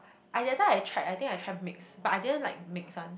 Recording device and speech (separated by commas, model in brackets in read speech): boundary microphone, conversation in the same room